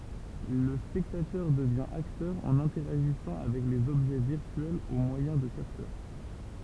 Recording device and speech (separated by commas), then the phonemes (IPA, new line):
temple vibration pickup, read sentence
lə spɛktatœʁ dəvjɛ̃ aktœʁ ɑ̃n ɛ̃tɛʁaʒisɑ̃ avɛk lez ɔbʒɛ viʁtyɛlz o mwajɛ̃ də kaptœʁ